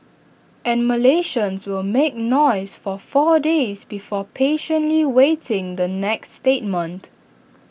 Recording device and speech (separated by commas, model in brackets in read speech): boundary microphone (BM630), read sentence